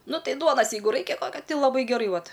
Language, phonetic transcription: Lithuanian, ˈnu ˈtai ˈduonas ˈjeigu ˈraikia ˈkad i laˈbai geˈrai ˈvat

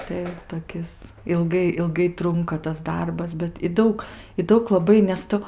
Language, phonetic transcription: Lithuanian, tai toˈkis ilˈgai ilˈgai ˈtrunka tas ˈdarbas bet i ˈdaug i ˈdaug laˈbai nes ˈtu

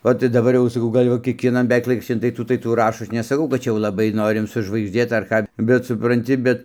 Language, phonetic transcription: Lithuanian, o tai daˈbar jau saˈkau ˈgal' jau kiekvieˈnan beˈveik ˈlaikraščin tai ˈtų tai ˈtų ˈrašo ˈaš nesaˈkau kad ˈčia jau laˈbai ˈnorim sužvaigžˈdėt ar ˈką bet supranˈti ˈbet

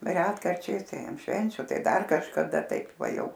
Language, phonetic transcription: Lithuanian, ˈretkarčiais tai an ˈšvenčiu ˈtai ˈdar kažkaˈda ˈtaip ˈva ˈjau

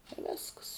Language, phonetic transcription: Lithuanian, i ˈvėsks

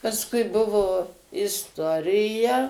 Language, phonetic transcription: Lithuanian, pasˈkui ˈbuvo isˈtorija

